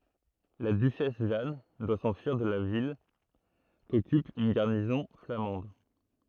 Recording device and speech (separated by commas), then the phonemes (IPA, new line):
throat microphone, read sentence
la dyʃɛs ʒan dwa sɑ̃fyiʁ də la vil kɔkyp yn ɡaʁnizɔ̃ flamɑ̃d